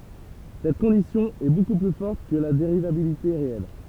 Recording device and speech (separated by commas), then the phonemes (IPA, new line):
temple vibration pickup, read sentence
sɛt kɔ̃disjɔ̃ ɛ boku ply fɔʁt kə la deʁivabilite ʁeɛl